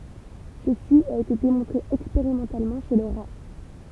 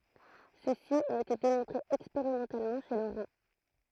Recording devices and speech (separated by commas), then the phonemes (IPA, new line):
temple vibration pickup, throat microphone, read sentence
səsi a ete demɔ̃tʁe ɛkspeʁimɑ̃talmɑ̃ ʃe lə ʁa